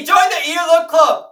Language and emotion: English, happy